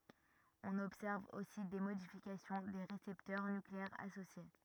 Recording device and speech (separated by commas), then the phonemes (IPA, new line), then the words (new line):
rigid in-ear microphone, read sentence
ɔ̃n ɔbsɛʁv osi de modifikasjɔ̃ de ʁesɛptœʁ nykleɛʁz asosje
On observe aussi des modifications des récepteurs nucléaires associés.